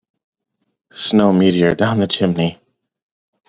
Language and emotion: English, fearful